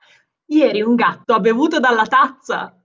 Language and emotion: Italian, happy